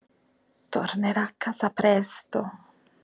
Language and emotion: Italian, fearful